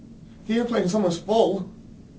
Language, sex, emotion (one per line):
English
male
neutral